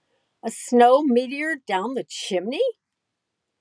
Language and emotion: English, disgusted